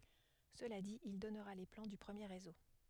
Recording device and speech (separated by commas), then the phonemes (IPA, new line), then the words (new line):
headset microphone, read sentence
səla dit il dɔnʁa le plɑ̃ dy pʁəmje ʁezo
Cela dit, il donnera les plans du premier Réseau.